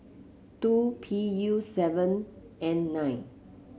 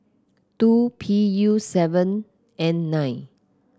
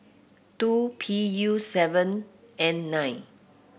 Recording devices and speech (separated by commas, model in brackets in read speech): mobile phone (Samsung C7), close-talking microphone (WH30), boundary microphone (BM630), read sentence